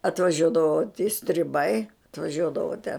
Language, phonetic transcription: Lithuanian, atvaˈžiuodavo ti striˈbai atvaˈžiuodavo te

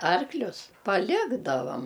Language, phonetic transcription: Lithuanian, ˈarklius paˈlikdavam

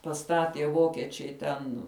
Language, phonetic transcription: Lithuanian, paˈstatie ˈvokiečiai ten

